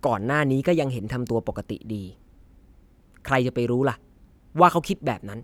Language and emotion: Thai, frustrated